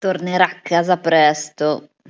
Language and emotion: Italian, disgusted